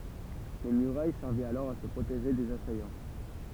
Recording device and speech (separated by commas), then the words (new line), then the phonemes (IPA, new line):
temple vibration pickup, read sentence
Les murailles servaient alors à se protéger des assaillants.
le myʁaj sɛʁvɛt alɔʁ a sə pʁoteʒe dez asajɑ̃